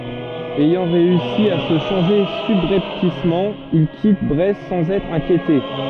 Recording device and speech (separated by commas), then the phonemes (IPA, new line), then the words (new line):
soft in-ear microphone, read sentence
ɛjɑ̃ ʁeysi a sə ʃɑ̃ʒe sybʁɛptismɑ̃ il kit bʁɛst sɑ̃z ɛtʁ ɛ̃kjete
Ayant réussi à se changer subrepticement, il quitte Brest sans être inquiété.